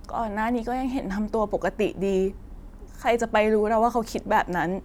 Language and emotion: Thai, sad